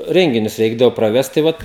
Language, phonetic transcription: Lithuanian, ˈrenginius ˈreikdavo praˈvest tai ˈvat

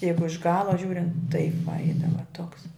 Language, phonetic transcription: Lithuanian, ˈjeigu iš ˈgala ˈžiūrint taip va ˈeidava toks

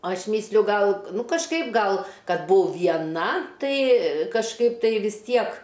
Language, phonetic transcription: Lithuanian, ˈaš ˈmysliu ˈgal ˈnu kažˈkaip ˈgal ˈkad ˈbuau vieˈna ˈtai kažˈkaip ˈtai vis ˈtiek

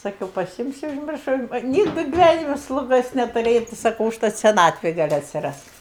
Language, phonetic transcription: Lithuanian, saˈkiau paˈsimsiu užˈmiršau ˈnygdɨ giˈvænime sluˈgos netuˈrėjau tai saˈkau užˈtat seˈnatvėj ˈgal' atsiˈrast

